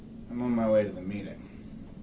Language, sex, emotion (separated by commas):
English, male, neutral